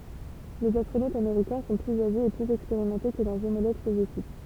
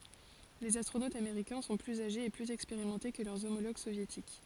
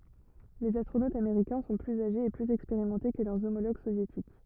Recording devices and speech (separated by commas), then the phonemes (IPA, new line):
temple vibration pickup, forehead accelerometer, rigid in-ear microphone, read sentence
lez astʁonotz ameʁikɛ̃ sɔ̃ plyz aʒez e plyz ɛkspeʁimɑ̃te kə lœʁ omoloɡ sovjetik